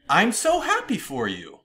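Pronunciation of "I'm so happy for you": In 'I'm so happy for you', the pitch goes up, and the rising pitch expresses happiness.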